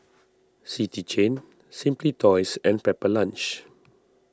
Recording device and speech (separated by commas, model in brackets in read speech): standing microphone (AKG C214), read sentence